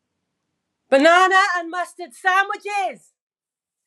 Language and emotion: English, disgusted